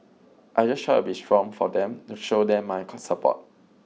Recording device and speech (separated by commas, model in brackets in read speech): mobile phone (iPhone 6), read sentence